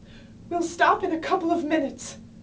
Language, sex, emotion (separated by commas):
English, female, sad